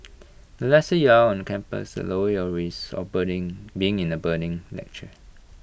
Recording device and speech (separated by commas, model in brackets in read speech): boundary microphone (BM630), read sentence